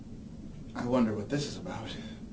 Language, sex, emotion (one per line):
English
male
fearful